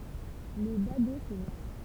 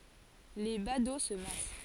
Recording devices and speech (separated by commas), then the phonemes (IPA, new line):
temple vibration pickup, forehead accelerometer, read sentence
le bado sə mas